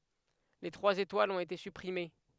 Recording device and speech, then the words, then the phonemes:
headset microphone, read sentence
Les trois étoiles ont été supprimées.
le tʁwaz etwalz ɔ̃t ete sypʁime

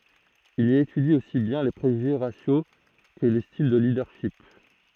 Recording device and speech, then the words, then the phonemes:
throat microphone, read sentence
Il y étudie aussi bien les préjugés raciaux que les styles de leadership.
il i etydi osi bjɛ̃ le pʁeʒyʒe ʁasjo kə le stil də lidœʁʃip

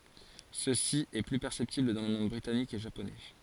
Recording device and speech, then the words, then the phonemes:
forehead accelerometer, read sentence
Ceci est plus perceptible dans le monde britannique et japonais.
səsi ɛ ply pɛʁsɛptibl dɑ̃ lə mɔ̃d bʁitanik e ʒaponɛ

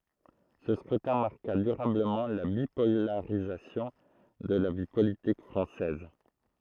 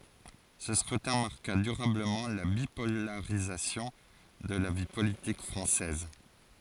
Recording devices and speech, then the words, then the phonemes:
throat microphone, forehead accelerometer, read sentence
Ce scrutin marqua durablement la bipolarisation de la vie politique française.
sə skʁytɛ̃ maʁka dyʁabləmɑ̃ la bipolaʁizasjɔ̃ də la vi politik fʁɑ̃sɛz

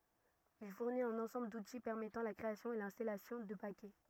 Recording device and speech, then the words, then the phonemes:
rigid in-ear microphone, read sentence
Il fournit un ensemble d'outils permettant la création et l'installation de paquets.
il fuʁnit œ̃n ɑ̃sɑ̃bl duti pɛʁmɛtɑ̃ la kʁeasjɔ̃ e lɛ̃stalasjɔ̃ də pakɛ

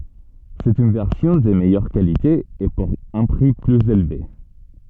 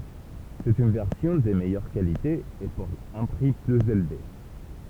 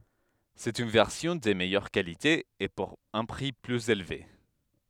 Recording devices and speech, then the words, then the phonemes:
soft in-ear microphone, temple vibration pickup, headset microphone, read sentence
C'est une version de meilleure qualité, et pour un prix plus élevé.
sɛt yn vɛʁsjɔ̃ də mɛjœʁ kalite e puʁ œ̃ pʁi plyz elve

